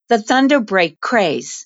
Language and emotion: English, neutral